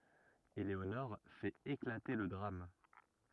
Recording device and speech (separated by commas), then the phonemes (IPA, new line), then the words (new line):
rigid in-ear microphone, read sentence
eleonɔʁ fɛt eklate lə dʁam
Eléonore fait éclater le drame.